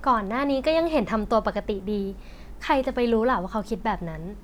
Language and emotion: Thai, neutral